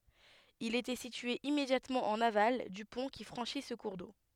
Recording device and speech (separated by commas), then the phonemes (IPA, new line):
headset microphone, read sentence
il etɛ sitye immedjatmɑ̃ ɑ̃n aval dy pɔ̃ ki fʁɑ̃ʃi sə kuʁ do